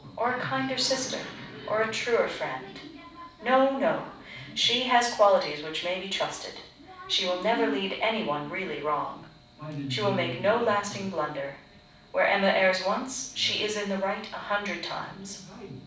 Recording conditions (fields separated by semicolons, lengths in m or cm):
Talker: one person; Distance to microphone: 5.8 m; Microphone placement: far; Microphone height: 1.8 m; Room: medium-sized (5.7 m by 4.0 m); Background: television